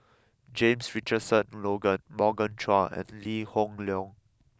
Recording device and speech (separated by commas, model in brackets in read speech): close-talking microphone (WH20), read sentence